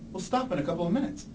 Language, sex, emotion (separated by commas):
English, male, neutral